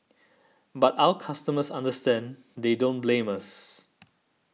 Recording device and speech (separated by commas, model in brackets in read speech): mobile phone (iPhone 6), read sentence